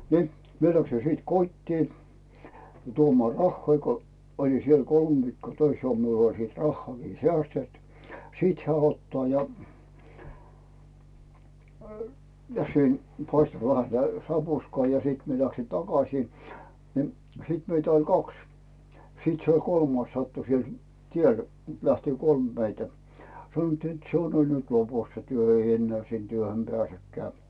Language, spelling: Finnish, niin minä lähdin sitten kotiin tuomaan rahoja kun olin siellä kolme viikkoa töissä ollut minulla oli sitten rahaakin säästetty sitten hän ottaa ja ja sen paistoi vähän sitä sapuskaa ja sitten minä lähdin takaisin niin sitten meitä oli kaksi sitten se oli kolmas sattui siellä tiellä lähti kolme meitä sanottiin että se on oli nyt lopussa se työ ei enää sinne työhön pääsekään
- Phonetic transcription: ni , 'mie läksi sìt 'kot́tii , 'tuomᵒà "rahhoi ko , oĺi siel "kolm 'viikkoo 'töis olt 'miul oĺ siit 'rahhoàkii "sᵉä̀stet , 'sìt hᵉä 'ottaa ja , ja sen , "paistᵒ vähä sⁱtä 'sapuskᵒà ja 'siit mie läksi "takasii , ni , 'sìt meitä ‿oĺ "kaks , 'sit se oĺ "kolmais 'sattu 'siel , 'tiel , 'lähti "kolm meitä , 'sanᵒttii net » se on ol nyt 'lopus se työ « 'eij ‿'enneä̀ sin työhöm 'pᵉä̀sekkᵉä̀ .

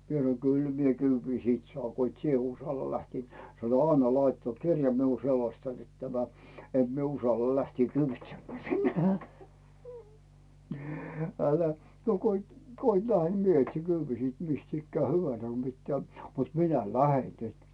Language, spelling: Finnish, minä sanoin kyllä minä kyydin sitten saan kun et sinä uskalla lähteä sanoi anna laittaa mutta kirja minulla että selostan että tämä että minä uskallan lähteä kyyditsemään sinne älä no kun et kun et lähde niin minä etsin kyydin sitten mistä ikään hyvänsä kun pitää mutta minä lähden nyt
- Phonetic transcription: 'mie sᵃno » 'kyl mie "kyyvvi siit "sᵒaaŋ 'ko ‿it 'sie usalla lähtii « , 'sano » "anna 'laittaa ᵐut 'kirja miul net 'selostan net tämä , et mie 'usalla 'lähtii "kyyvitsemmää 'sinnᴇ « , » 'älä , no ko ‿it , ko ‿it 'lähe ni 'mie 'etsi "kyyvii siit 'mist ‿ikkää 'hyvän̬sä ko pittää , mut 'minä "lähen 'nyt « .

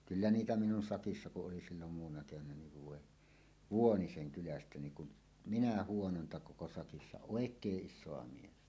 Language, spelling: Finnish, kyllä niitä minun sakissa kun oli silloin muutamana keväänä niin voi Vuonisen kylästä niin kuin minä huonointa koko sakissa oikein isoa miestä
- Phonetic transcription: 'kyllä "niitä 'minun 'sakissa ku’ ’oli sillom muuw̆wanna kevän̆nä niv 'vòe , "Vuoniseŋ 'kylästä 'niiŋ kun , 'minä 'huononta koko sakissa "òek̀eeˀ "ˀišsoa 'miestä .

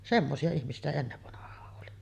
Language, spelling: Finnish, semmoisia ihmisiä sitä ennen vanhaan oli
- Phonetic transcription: 'semmosi₍a ihmisi₍ä sitä ennevvanah̀aa’ ’oli .

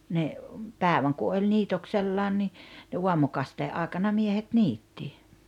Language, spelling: Finnish, ne päivän kun oli niitoksellaan niin ne aamukasteen aikana miehet niitti
- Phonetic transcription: ne , 'pääᵉväŋ ku oĺ 'niitoksellaan ni , ne "uamukastee’ ’àekana 'miehet "niitti .

